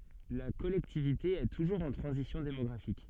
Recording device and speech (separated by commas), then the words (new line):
soft in-ear microphone, read sentence
La collectivité est toujours en transition démographique.